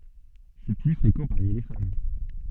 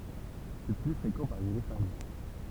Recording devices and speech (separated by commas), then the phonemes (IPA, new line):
soft in-ear microphone, temple vibration pickup, read sentence
sɛ ply fʁekɑ̃ paʁmi le fam